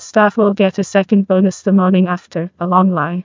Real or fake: fake